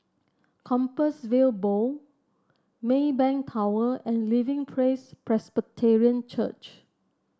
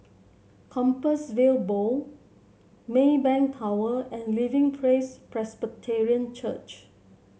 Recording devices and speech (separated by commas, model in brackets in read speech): standing microphone (AKG C214), mobile phone (Samsung C7), read sentence